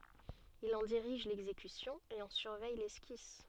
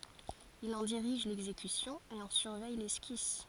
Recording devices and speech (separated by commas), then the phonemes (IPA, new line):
soft in-ear microphone, forehead accelerometer, read sentence
il ɑ̃ diʁiʒ lɛɡzekysjɔ̃ e ɑ̃ syʁvɛj lɛskis